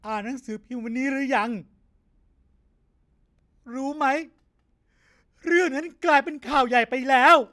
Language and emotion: Thai, sad